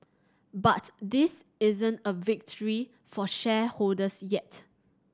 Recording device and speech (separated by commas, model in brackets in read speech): standing microphone (AKG C214), read sentence